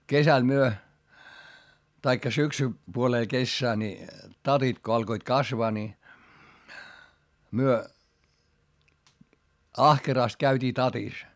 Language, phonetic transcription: Finnish, kesäl myö , taikka syksy- , -puolee kessää ni , tatit ko alkoit kasvaa ni , myö , ahkeràst käyt́ii tatis .
- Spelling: kesällä me tai - syksypuoleen kesää niin tatit kun alkoivat kasvaa niin me ahkerasti käytiin tatissa

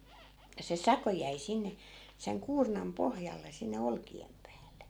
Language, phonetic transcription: Finnish, ja se "sako jäi 'sinne , seŋ 'kuurnam 'pohjalle sinne 'olki₍em päälle .
- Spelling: ja se sako jäi sinne sen kuurnan pohjalle sinne olkien päälle

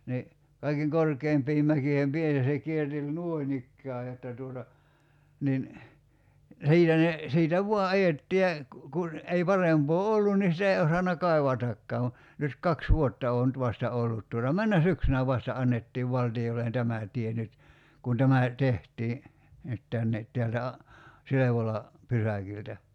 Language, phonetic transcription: Finnish, ni , kaikeŋ 'korkeimpiim 'mäkiihem 'piä(llä) se 'kierteĺ "nuoinikkää jotta tuota , nin , 'si̬itä ne , 'siitä "vua 'ajetti ja , ku- kun , ei 'parempoo "ollun nii sitä ei 'osanna "kai̬vatakkaa (va) , nyt 'kaks "vuotta oo nyt 'vasta 'ollut tuota 'männä "syksynä vasta 'annettiiv 'valti₍ollen 'tämä t̀ie nyt , kun 'tämä , 'teht̀ii , nyt tänne , 'teältä a- , 'Silevola , 'pysäkiltä .
- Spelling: niin kaiken korkeimpien mäkien päällä se kierteli noin ikään jotta tuota niin siitä ne siitä vain ajettiin ja - kun ei parempaa ollut niin sitä ei osannut kaivatakaan vaan nyt kaksi vuotta on nyt vasta ollut tuota menneenä syksynä vasta annettiin valtiolle tämä tie nyt kun tämä tehtiin nyt tänne täältä - Silvolan pysäkiltä

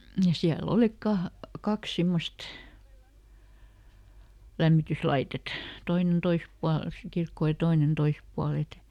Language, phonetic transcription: Finnish, . ja ˈsiä"l ‿olik ˈkah- , ˈkaks ˈsimmost , "lämmityslaitet , ˈtoinen "tois pual , si ˈkirkkò ja ˈtoinen "tois pual ‿et, .
- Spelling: ja siellä oli - kaksi semmoista lämmityslaitetta toinen toisella puolella sitä kirkkoa ja toinen toisella puolella että

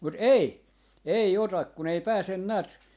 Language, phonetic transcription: Finnish, mut "ei , 'ei 'otak kun ‿ei "pääsen 'näät , .
- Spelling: mutta ei ei ota kun ei pääse näet

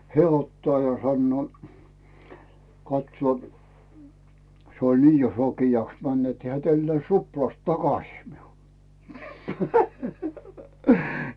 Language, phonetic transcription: Finnish, heä̀ 'ottaa ja 'sannᵘò , 'katsᵘò , 'se oĺ "ni jo 'sokijaks 'män net heä̀ 'tällᵉä̀ⁱs "ruplast 'takasii miul . .
- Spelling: hän ottaa ja sanoo katsoo se oli niin jo sokeaksi mennyt että hän tälläsi ruplasta takaisin minulle

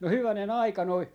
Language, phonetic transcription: Finnish, no 'hyväne"n ‿aika noi ,.
- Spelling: no hyvänen aika noin

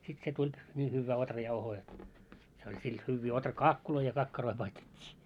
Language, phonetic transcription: Finnish, 'sit se 'tuĺ , nii 'hyvvää 'otrajauhoo jot , se oĺ sil 'hyvvii 'otra"kaakkuloi ja kakkaroi 'paistet́t́ii .
- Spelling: sitten se tuli niin hyvää ohrajauhoa jotta se oli sillä hyviä ohrakaakkuja ja kakkaroita paistettiin

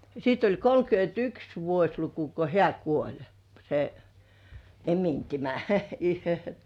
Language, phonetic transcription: Finnish, sit oĺ kolkyönt"yks 'vuośluku ko "heä "kuoĺ , se , 'emintimä .
- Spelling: sitten oli kolmekymmentäyksi vuosiluku kun hän kuoli se emintimä

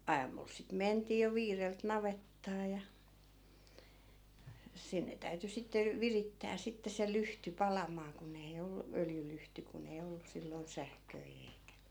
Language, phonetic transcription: Finnish, 'aamul sit 'mentii jo 'viirelt 'navettaa ja , 'sinne 'täyty sitte , "virittää sitte se 'lyhty 'palam̆maa ku'n ‿ei ollu 'öljylyhty kun ‿ei 'ollu 'silloi̮n "sähköi eikä .
- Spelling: aamulla sitten mentiin jo viideltä navettaan ja sinne täytyi sitten virittää sitten se lyhty palamaan kun ei ollut öljylyhty kun ei ollut silloin sähköjä eikä

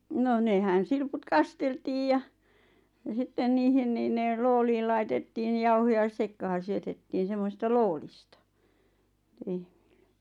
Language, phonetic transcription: Finnish, nò 'nehän silput "kasteltiij ja , ja 'sitten 'niihin niin nè 'looliil laitettiin ʿʲᵃʾ 'jauhoja 'sekka(h)an̬ syötettiin semmoⁱsista "loolista , 'lehᴍɪʟʟᴇ .
- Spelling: no nehän silput kasteltiin ja ja sitten niihin niin ne lootiin laitettiin ja jauhoja sekaan syötettiin semmoisista loodista lehmille

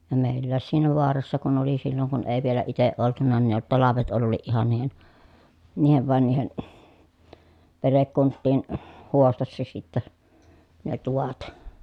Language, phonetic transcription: Finnish, ja mèillääs siinä voarassa kun ‿oli silloŋ kun èi vielä iteʼ ʼoltuna ni ne talavet olliiʼ ʼihan niihen , niihen vài̮n niihen , perekkunttiin , huostassa sittä , ne tuvat .
- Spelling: ja meilläkin siinä vaarassa kun oli silloin kun ei vielä itse oltu niin ne talvet olikin ihan niiden niiden vain niiden perhekuntien huostassa sitten ne tuvat

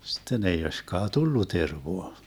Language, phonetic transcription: Finnish, 'sitten ei 'oiśkaa "tullu 'tervoa .
- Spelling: sitten ei olisikaan tullut tervaa

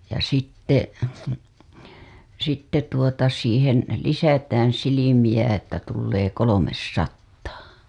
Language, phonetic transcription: Finnish, ja sitte , sitte tuota siihen , 'lisätään̬ 'silimiʲä että tullee "kolomessattaa .
- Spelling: ja sitten sitten tuota siihen lisätään silmiä että tulee kolmesataa

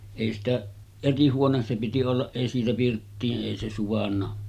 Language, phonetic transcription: Finnish, èi sitä 'eri 'huones se piti ollaˀ 'ˀèi siitä 'pirttii’ '’èi se suvanna .
- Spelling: ei sitä eri huone se piti olla ei siitä pirttiin ei se suvainnut

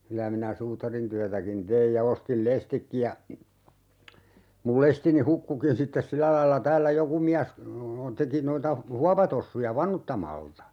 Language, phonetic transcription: Finnish, 'kylä minä 'suutarintyätäkin "teij ja 'ostil "lestikki ja , mul 'lestini "hukkukin 'sittes "silä lailla 'täällä "joku miäs , 'teki noita , "huapatossuja "vanuttamalta .
- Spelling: kyllä minä suutarintyötäkin tein ja ostin lestitkin ja minun lestini hukkuikin sitten sillä lailla täällä joku mies teki noita huopatossuja vanuttamalla

